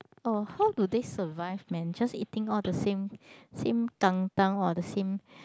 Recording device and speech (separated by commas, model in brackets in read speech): close-talking microphone, conversation in the same room